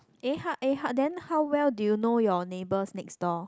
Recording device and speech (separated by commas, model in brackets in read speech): close-talking microphone, conversation in the same room